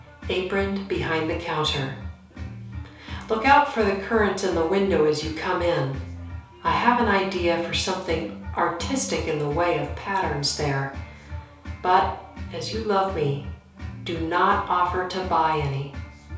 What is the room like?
A small space (about 3.7 m by 2.7 m).